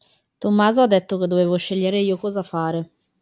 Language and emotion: Italian, neutral